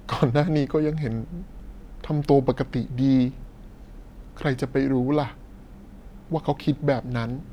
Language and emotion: Thai, sad